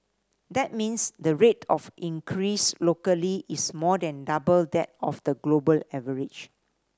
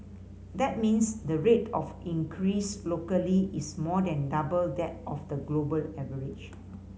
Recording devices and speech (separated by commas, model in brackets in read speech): standing microphone (AKG C214), mobile phone (Samsung C5010), read sentence